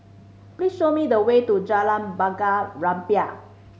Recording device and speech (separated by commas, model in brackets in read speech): mobile phone (Samsung C5010), read sentence